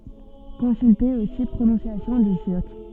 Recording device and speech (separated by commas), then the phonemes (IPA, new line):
soft in-ear microphone, read sentence
kɔ̃sylte osi pʁonɔ̃sjasjɔ̃ dy tyʁk